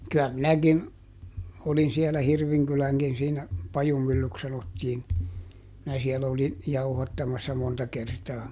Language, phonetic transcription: Finnish, ky₍ä ˈminäkin , olin siɛlä ˈHirviŋkyläŋkin siinä , "Pajumyllyks sanottiin , minä ˈsiɛlä olin , ˈjauhattamassa ˈmonta kertaa .
- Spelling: kyllä minäkin olin siellä Hirvinkylänkin siinä Pajumyllyksi sanottiin minä siellä olin jauhattamassa monta kertaa

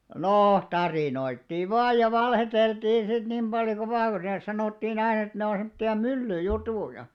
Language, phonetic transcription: Finnish, 'noo , "tarìnoittiiv̆ 'vaaj ja 'valheteltiin̬ sit nim ʙaljo ku 'sanòttiin ‿ainᵃ et ne o 'semᵒtti₍a "mylly'jutùja .
- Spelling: no tarinoitiin vain ja valehdeltiin sitten niin paljon kuin sanottiin aina että ne on semmoisia myllyjuttuja

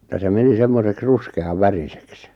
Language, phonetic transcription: Finnish, ja se 'meni 'semmoseks 'ruske₍av "värisek se .
- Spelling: ja se meni semmoiseksi ruskean väriseksi se

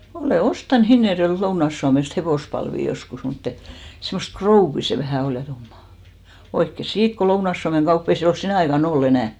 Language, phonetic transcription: Finnish, 'olè "ostan 'Hinnerjo₍elt 'Lounaⁱs Suamest 'hevòspalvì 'joskus mutt ‿e(t) , semmost "krouvvi se vähä 'ol ja 'tummà , 'oikke "siit ko 'Lounaⁱs Suameŋ "ɢaupp ‿o , 'ei se ol "sinä̀ aika'n ‿oll ‿enä̀ ?
- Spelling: olen ostanut Hinnerjoelta Lounais Suomesta hevospalvia joskus mutta että semmoista krouvia se vähän oli ja tummaa oikein siitä kun Lounais Suomen kauppa on ei se ole sinä aikana ollut enää

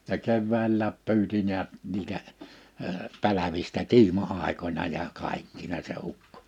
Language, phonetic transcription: Finnish, ja 'kevväällääp 'py̬yti niät 'niitä , ə 'pälävistä 'ki̬ima₍àikońa ja’ 'kàikkina se ukkᴏ .
- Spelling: ja keväällä pyysi näet niitä - pälvistä kiima-aikoina ja kaikkina se ukko

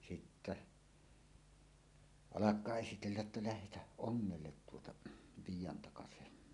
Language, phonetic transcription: Finnish, sittä , "alak̀aa 'esitelläˀ ˀettä » lähetäh "ˀoŋŋellet tuota , 'Viij̆jantakasehen « .
- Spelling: sitten alkaa esitellä että lähdetään ongelle tuota Viidantakaseen

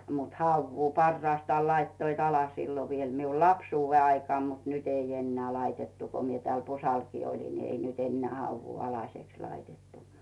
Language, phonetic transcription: Finnish, mut "hauvvuu 'parraastaal laittoit 'ala sillo viel miu "lapsuuvve aikᵒàm mut "nyt ‿ei 'enneä 'laitettu ko mie 'tᵉäl "Pusalkii oĺin ni ei nyt ‿enneä 'hauvvuu "alaseks 'laitettu .
- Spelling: mutta havua parhaastaan laittoivat alle silloin vielä minun lapsuuden aikaan mutta nyt ei enää laitettu kun minä täällä Pusallakin olin niin ei nyt enää havua alaseksi laitettu

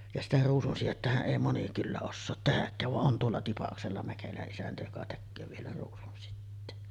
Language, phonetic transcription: Finnish, ja sitä 'ruusunsijettähäˀ 'ˀèi moni kyllä ossoot 'tehäkkääv vaˀ 'ˀon tuolla "Tipaksella 'Mäkelä’ ’isäntä joka 'tekköö vielä ruusunsitteen .
- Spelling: ja sitä ruusunsidettähän ei moni kyllä osaat tehdäkään vaan on tuolla Tipaksella Mäkelän isäntä joka tekee vielä ruusunsiteen

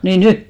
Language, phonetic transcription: Finnish, nii "ny ?
- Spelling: niin nyt

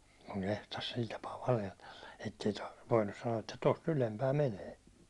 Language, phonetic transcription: Finnish, kuŋ 'kehtas 'sil tapaa valehlella , ettei tar- voinnus sano₍a että tos"t ‿ylempää 'menee .
- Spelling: kun kehtasi sillä tapaa valehdella että ei - voinut sanoa että tuosta ylempää menee

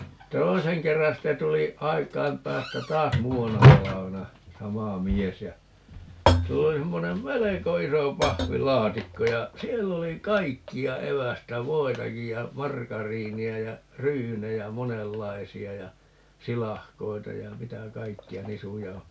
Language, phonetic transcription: Finnish, "toiseŋ 'kerran̬ 'sitte 'tuli , "aik̀aim 'päästä "taas "muu₍anna 'talavena , "sama 'mies ja , 'sill ‿oli 'semmonem "meleko 'iso 'pahvi"laatikko ja , 'siell ‿oli "kaikki₍a 'evästä , "voitakij ja , "markariini₍ä ja , "ryynejä "monellaisi₍a ja , 'silahkoita ja 'mitä "kaikki₍a 'nisujauho- , .
- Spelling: toisen kerran sitten tuli aikojen päästä taas muutamana talvena sama mies ja sillä oli semmoinen melko iso pahvilaatikko ja siellä oli kaikkea evästä voitakin ja margariinia ja ryynejä monenlaisia ja silakoita ja mitä kaikkea -

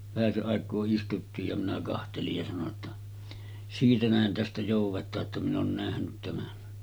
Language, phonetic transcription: Finnish, vähäse’ ’àek̀oo istuttiij ja minä 'kahtelij ja sano ‿tta , » 'siitä nähen̳§ tästä jòuv̆vet̀aa ‿tta min ‿oon 'nähnyt tämän .
- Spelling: vähäsen aikaa istuttiin ja minä katselin ja sanoin jotta siitä nähden tästä joudetaan jotta minä olen nähnyt tämän

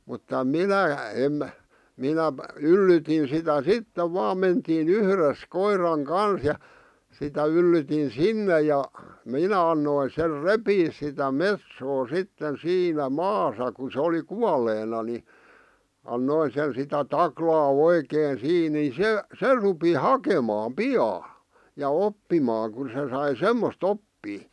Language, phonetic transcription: Finnish, mutta "minä , em , 'minäᵖ̳ , 'yllytin sitä "sittev vaam mentii'n ‿yhres 'koir̀aŋ "kans ja , sitä yllytin "sinne ja , 'minä annoi ser "repiis sitä "metsoo 'sitten 'siinä "maasa ku se oli 'kualeena ni , 'annoin sen sitä "taklaa "oikeen 'sii ni 'se , "se rupi "hakemaam "pi₍aa , ja 'oppimaaŋ kun se sai "semmost 'oppii .
- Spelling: mutta minä en minä yllytin sitä sitten vain mentiin yhdessä koiran kanssa ja sitä yllytin sinne ja minä annoin sen repiä sitä metsoa sitten siinä maassa kun se oli kuolleena niin annoin sen sitä taklata oikein siinä niin se se rupesi hakemaan pian ja oppimaan kun se sai semmoista oppia

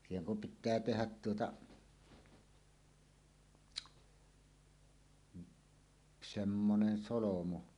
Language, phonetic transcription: Finnish, siiheŋ kum 'pit̆tää "tehät 'tuota , 'semmonen 'solomu .
- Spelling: siihen kun pitää tehdä tuota semmoinen solmu

